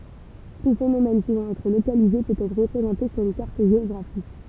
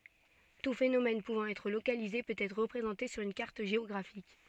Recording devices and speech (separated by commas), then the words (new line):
temple vibration pickup, soft in-ear microphone, read sentence
Tout phénomène pouvant être localisé peut être représenté sur une carte géographique.